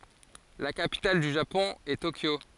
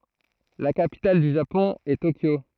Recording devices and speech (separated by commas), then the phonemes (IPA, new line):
forehead accelerometer, throat microphone, read sentence
la kapital dy ʒapɔ̃ ɛ tokjo